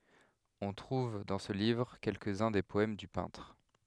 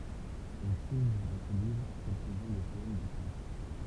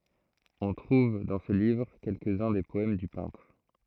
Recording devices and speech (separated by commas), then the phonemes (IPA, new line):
headset microphone, temple vibration pickup, throat microphone, read sentence
ɔ̃ tʁuv dɑ̃ sə livʁ kɛlkəz œ̃ de pɔɛm dy pɛ̃tʁ